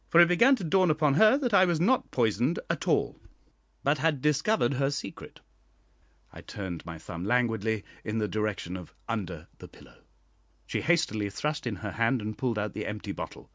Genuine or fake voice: genuine